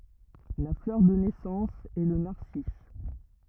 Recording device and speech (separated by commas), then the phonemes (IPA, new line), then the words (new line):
rigid in-ear microphone, read sentence
la flœʁ də nɛsɑ̃s ɛ lə naʁsis
La fleur de naissance est le narcisse.